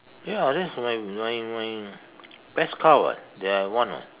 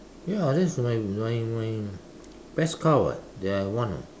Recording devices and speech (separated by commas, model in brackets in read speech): telephone, standing microphone, conversation in separate rooms